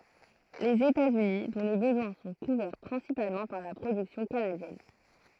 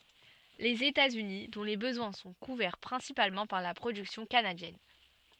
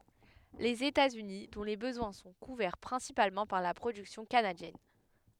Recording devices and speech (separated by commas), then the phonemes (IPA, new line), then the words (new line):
throat microphone, soft in-ear microphone, headset microphone, read sentence
lez etatsyni dɔ̃ le bəzwɛ̃ sɔ̃ kuvɛʁ pʁɛ̃sipalmɑ̃ paʁ la pʁodyksjɔ̃ kanadjɛn
Les États-Unis, dont les besoins sont couverts principalement par la production canadienne.